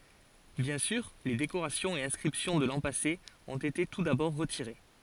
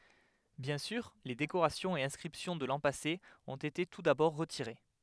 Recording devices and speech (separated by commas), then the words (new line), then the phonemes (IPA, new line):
forehead accelerometer, headset microphone, read sentence
Bien sûr, les décorations et inscriptions de l’an passé ont été tout d’abord retirées.
bjɛ̃ syʁ le dekoʁasjɔ̃z e ɛ̃skʁipsjɔ̃ də lɑ̃ pase ɔ̃t ete tu dabɔʁ ʁətiʁe